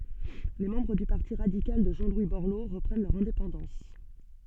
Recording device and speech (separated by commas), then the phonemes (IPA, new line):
soft in-ear microphone, read sentence
le mɑ̃bʁ dy paʁti ʁadikal də ʒɑ̃ lwi bɔʁlo ʁəpʁɛn lœʁ ɛ̃depɑ̃dɑ̃s